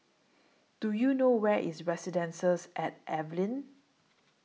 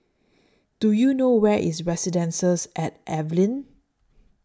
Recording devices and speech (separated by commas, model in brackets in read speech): mobile phone (iPhone 6), standing microphone (AKG C214), read sentence